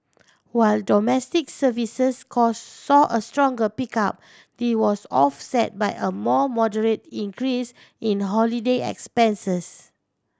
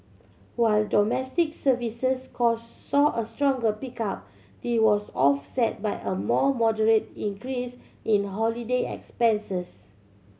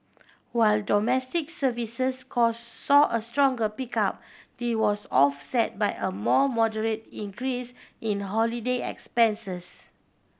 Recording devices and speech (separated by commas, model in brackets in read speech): standing microphone (AKG C214), mobile phone (Samsung C7100), boundary microphone (BM630), read sentence